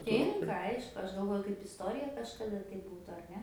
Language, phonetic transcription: Lithuanian, ˈtinka ˈaišku ˈaš galˈvoju kaip isˈtorija kažkaˈda tai ˈbūtu ar ˈne

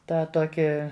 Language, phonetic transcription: Lithuanian, ˈtą ˈtokį

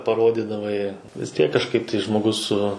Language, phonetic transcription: Lithuanian, paˈrodidavai vis ˈtiek kažˈkaip tai žmoˈgus su

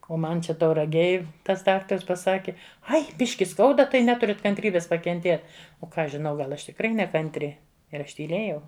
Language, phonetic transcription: Lithuanian, o ˈman ˈčia tauraˈgėj ˈtas ˈdaktars paˈsaki ˈai ˈbiški ˈskauda tai ˈneturit kantˈrybės pakenˈtėt o ˈką ˈaš žiˈnau ˈgal ˈaš tikˈrai nekanˈtri ir ˈaš tyˈlėjau

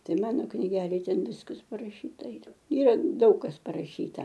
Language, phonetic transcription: Lithuanian, ˈtai ˈmano kniˈgelėj ˈten ˈviskas paraˈšyta ˈyra ˈyra ˈdaug kas paraˈšyta

